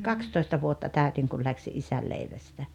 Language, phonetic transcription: Finnish, kakstoista vuotta 'tä̀ytiŋ kul läksi "’isäl 'leivästä .
- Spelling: kaksitoista vuotta täytin kun lähdin isän leivästä

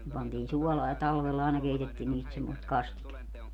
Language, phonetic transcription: Finnish, ne 'pantiin "suɔlaa ja 'talvella àena 'keitettiin niist semmost "kastiketta .
- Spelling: ne pantiin suolaan ja talvella aina keitettiin niistä semmoista kastiketta

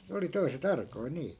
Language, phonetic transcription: Finnish, 'ne oli 'toi̮se"t ‿arkoi 'nii .
- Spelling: ne oli toiset arkoja niin

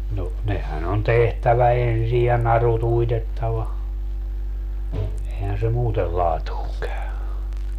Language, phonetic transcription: Finnish, no , 'nehän ‿on "tehtävä 'ensij ja 'naru't ‿uitettava , ehän se "muutel 'laatuuŋ käy .
- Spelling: no nehän on tehtävä ensin ja narut uitettava eihän se muuten laatuun käy

